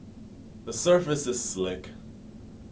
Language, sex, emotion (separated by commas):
English, male, neutral